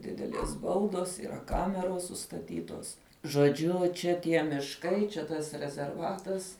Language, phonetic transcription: Lithuanian, ˈdidelies ˈbaudos yˈra ˈkameros sustaˈtytos žoˈdžiu ˈčia ˈtie mišˈkai čia ˈtas rezerˈvatas

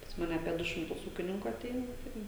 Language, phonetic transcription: Lithuanian, pas ˈmane apie ˈdu šimˈtus ˈūkininku aˈteina ˈtai

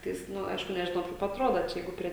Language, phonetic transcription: Lithuanian, ˈtais ˈnu ˈaišku nežiˈnau kaip atˈroda ˈčia ˈjeigu prie

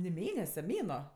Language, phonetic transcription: Lithuanian, ni ˈmėnese ˈmėnuo

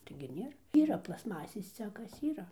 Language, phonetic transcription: Lithuanian, taigi ˈnėr ˈyra plasˈmasės ˈcekas ˈyra

